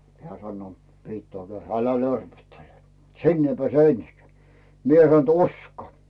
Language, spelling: Finnish, hän sanoo piti ajatella älä lörpöttele sinne ei pääse ensinkään minä sanoin että usko
- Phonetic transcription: heä sannoo , (pitt ‿oatel) » 'älä "lörpöttele , 'sinn ‿ei peä̀se "ensikᵉä̀ « 'mie san ‿t » "usko « .

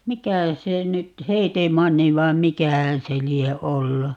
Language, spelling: Finnish, mikä se nyt Heetemanni vai mikähän se lie ollut
- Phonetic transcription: "mikä , 'se nyt , "Heetemanni 'vaim "mikähän̬ se 'lie "ollu .

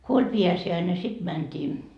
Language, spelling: Finnish, kun oli pääsiäinen sitten mentiin
- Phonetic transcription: ko oĺ "piäsi₍äine 'siD mänt́ii ,.

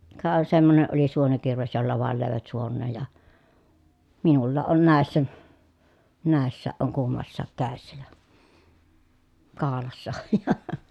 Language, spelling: Finnish, ka semmoinen oli suonikirves jolla vain löivät suoneen ja minullakin on näissä näissäkin on kummassakin kädessä ja kaulassa on ja
- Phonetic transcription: kà , semmone ʼoli suonikirves jolla vàel lö̀evät suonneej ja , minullaaʼ ʼon nä̀essä , nä̀esssääʼ ʼoŋ kummassaak kä̀essä ja , kaalassa oj ja .

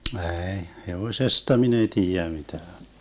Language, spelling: Finnish, ei hevosesta minä ei tiedä mitään
- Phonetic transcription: 'ɛɛi , "hevoⁱsesta 'min ‿ei 'tiijä mitään .

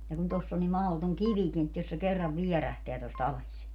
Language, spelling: Finnish, ja kun tuossa on niin mahdoton kivikin että jos se kerran vierähtää tuosta alas
- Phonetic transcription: ja kun 'toss ‿o nim 'mahotoŋ "kivikin ‿et jos se 'kerrav "viɛrähteä tosta 'ales .

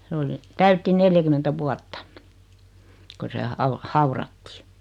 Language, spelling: Finnish, se oli täytti neljäkymmentä vuotta kun se - haudattiin
- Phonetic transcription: 'se oli , 'täytti "neljäkymentä 'vuatta , 'ko se au- , "haurattɪɪ .

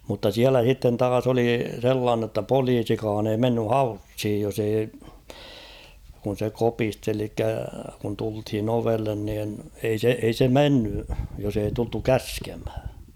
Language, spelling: Finnish, mutta siellä sitten taas oli sellainen jotta poliisikaan ei mennyt haussiin jos ei kun se kopisteli eli kun tultiin ovelle niin ei se ei se mennyt jos ei tultu käskemään
- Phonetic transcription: mutta 'siälä h̬itten 'taas ‿oli 'sellaannᵊ ‿tta "poliisikaan ‿ei menny "haushij jos ‿ei , kun̬ se 'kopisteli elikkä kun tulthin ‿'ovellen niin ei 'se , ei se 'menny , jos ‿ei tultu "käskemhᴀ̈ .

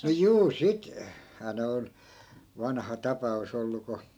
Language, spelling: Finnish, no juu - sittenhän ne on vanha tapaus ollut kun
- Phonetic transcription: no 'juu 'sik- , -hää 'ne on , 'vanha "tapa₍us ‿ollu ko ,.

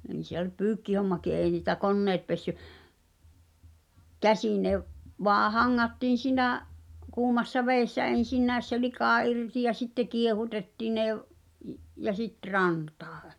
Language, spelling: Finnish, niin se oli pyykkihommakin ei niitä koneet pessyt käsin ne - vain hangattiin sinä kuumassa vedessä ensinnäkin se lika irti ja sitten kiehutettiin ne - - ja sitten rantaan
- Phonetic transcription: [n]in̬ 'se ‿oĺ "pyykkihommaki èi niitä "konneet pessy , "käsìḭ ne v- , voa 'haŋŋattiin̬ sìnä̀’ , 'kuumassa "vèi̬ssä 'en̬sinnä̀es se "likà 'irti ja 'sitte 'kiehutettii ne v- , i- , ja 'sit "rantᴀᴀ .

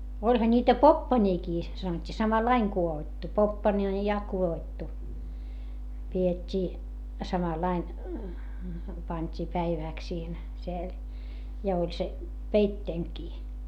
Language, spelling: Finnish, olihan niitä poppanoitakin sanottiin samalla lailla kudottu poppana oli ja kudottu pidettiin samalla lailla pantiin päiväksi siihen siellä ja oli se peitteenäkin
- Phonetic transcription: oĺha ńiitä poppańiikii , sanot́t́ii - samalaiŋ ku₍oottu - poppańi o ja ku₍oottu , pi₍et́t́ii , samalain , pańt́ii päivä̀ks siihen , siel , ja oĺ se , peitteeŋkii .

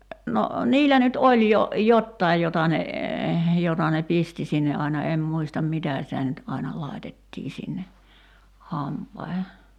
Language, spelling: Finnish, no niillä nyt oli jo jotakin jota ne jota ne pisti sinne aina en muista mitä sitä nyt aina laitettiin sinne hampaisiin
- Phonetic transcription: no , "niilä nyt "oĺ jo , "jottaij 'jota ne , 'jota ne "pisti sinne aina 'em 'muistam "mitä sitä nyt 'aina 'lai̬tettii sinne , "hampaihe .

